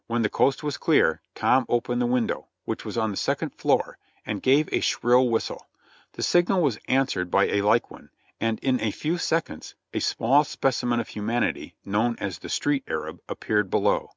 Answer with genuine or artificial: genuine